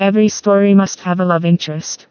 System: TTS, vocoder